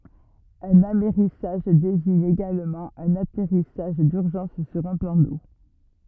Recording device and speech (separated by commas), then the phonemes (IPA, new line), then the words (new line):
rigid in-ear microphone, read sentence
œ̃n amɛʁisaʒ deziɲ eɡalmɑ̃ œ̃n atɛʁisaʒ dyʁʒɑ̃s syʁ œ̃ plɑ̃ do
Un amerrissage désigne également un atterrissage d'urgence sur un plan d'eau.